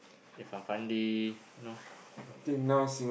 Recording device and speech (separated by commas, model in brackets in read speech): boundary microphone, conversation in the same room